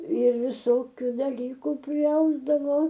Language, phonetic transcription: Lithuanian, ir viˈsokiu daˈlyku priˈausdavo

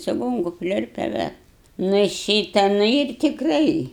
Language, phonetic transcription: Lithuanian, čiˈgonku ˈpliurpia ˈve ˈnu i ˈšyta ˈnu ir tikˈrai

